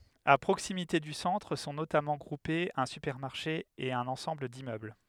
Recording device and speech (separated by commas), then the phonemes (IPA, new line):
headset microphone, read sentence
a pʁoksimite dy sɑ̃tʁ sɔ̃ notamɑ̃ ɡʁupez œ̃ sypɛʁmaʁʃe e œ̃n ɑ̃sɑ̃bl dimmøbl